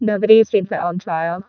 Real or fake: fake